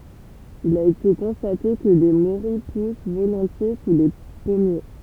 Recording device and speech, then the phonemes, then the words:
temple vibration pickup, read sentence
il a ete kɔ̃state kə le moʁij pus volɔ̃tje su le pɔmje
Il a été constaté que les morilles poussent volontiers sous les pommiers.

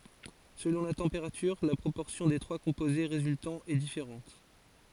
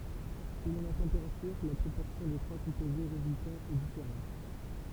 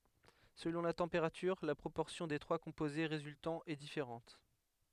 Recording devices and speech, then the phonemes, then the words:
forehead accelerometer, temple vibration pickup, headset microphone, read sentence
səlɔ̃ la tɑ̃peʁatyʁ la pʁopɔʁsjɔ̃ de tʁwa kɔ̃poze ʁezyltɑ̃z ɛ difeʁɑ̃t
Selon la température, la proportion des trois composés résultants est différente.

